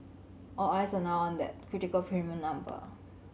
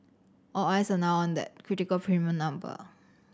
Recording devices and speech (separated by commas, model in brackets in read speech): mobile phone (Samsung C7100), standing microphone (AKG C214), read sentence